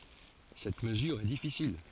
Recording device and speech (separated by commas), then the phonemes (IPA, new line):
forehead accelerometer, read sentence
sɛt məzyʁ ɛ difisil